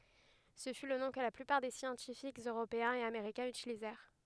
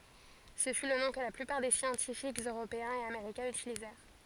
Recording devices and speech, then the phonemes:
headset microphone, forehead accelerometer, read sentence
sə fy lə nɔ̃ kə la plypaʁ de sjɑ̃tifikz øʁopeɛ̃z e ameʁikɛ̃z ytilizɛʁ

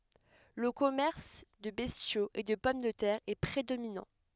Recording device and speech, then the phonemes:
headset microphone, read sentence
lə kɔmɛʁs də bɛstjoz e də pɔm də tɛʁ ɛ pʁedominɑ̃

